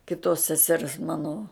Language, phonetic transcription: Lithuanian, kiˈtos seˈsers ˈmano

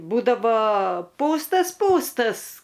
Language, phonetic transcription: Lithuanian, ˈbūdavo ˈpūstas ˈpūstas

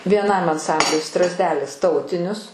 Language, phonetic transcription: Lithuanian, vieˈnam anˈsambliui ˈstrazdelis ˈtautinius

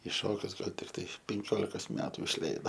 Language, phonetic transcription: Lithuanian, i ˈšokius ˈgal tikˈtai penˈkiolikos ˈmetu išˈleido

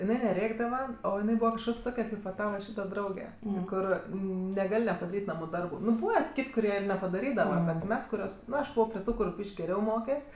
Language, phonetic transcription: Lithuanian, iˈnai neˈrėkdava o iˈnai ˈbūva kažˈkas ˈtoke kaip va ˈtava ˈšyta ˈdrauge ˈkur neˈgal' nepadaˈryt' ˈnamu ˈdarbu ˈnu ˈbūva ˈkit' kuˈrie ir nepadaˈrydava ˈbet ˈmes kuˈrios ˈnu aš ˈbuvo pri ˈtų kur ˈbyš'k' geˈriau ˈmokes'

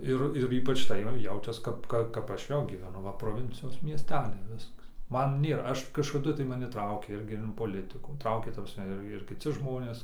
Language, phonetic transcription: Lithuanian, ˈir ir ˈypač tai ˈjaučias ˈkap ˈka ˈkap ˈaš ˈjau gyveˈnu ˈva proˈvincijos miesˈteliai ˈviskas ˈman ˈnėra ˈaš kažkaˈdu tai maˈni ˈtraukė ˈirgi in poˈlitɨkų ˈtraukė ta prasˈme ˈir ir kiˈci žmonės

